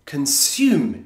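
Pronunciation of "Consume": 'Consume' is pronounced the British English way: the u sounds like 'you', with a y sound before it, not just an oo.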